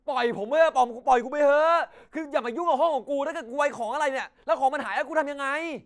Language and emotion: Thai, angry